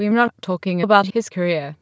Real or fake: fake